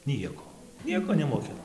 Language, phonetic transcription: Lithuanian, ˈnieko ˈnieko nemoˈkina

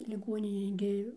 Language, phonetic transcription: Lithuanian, liˈgoninėj gi

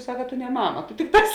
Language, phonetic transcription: Lithuanian, ˈsaka ˈtu ne ˈmama ˈtu ˈtikˌtās

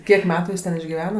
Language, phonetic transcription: Lithuanian, ˈkiek ˈmetu ˈjis ten išgiˈvena

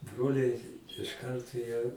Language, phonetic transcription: Lithuanian, ˈbroliai iš ˈkarto jie

